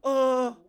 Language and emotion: Thai, frustrated